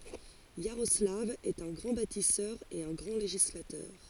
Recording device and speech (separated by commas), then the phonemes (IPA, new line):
forehead accelerometer, read sentence
jaʁɔslav ɛt œ̃ ɡʁɑ̃ batisœʁ e œ̃ ɡʁɑ̃ leʒislatœʁ